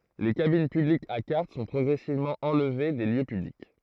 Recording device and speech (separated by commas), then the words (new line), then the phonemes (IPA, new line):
throat microphone, read sentence
Les cabines publiques à carte sont progressivement enlevées des lieux publics.
le kabin pyblikz a kaʁt sɔ̃ pʁɔɡʁɛsivmɑ̃ ɑ̃lve de ljø pyblik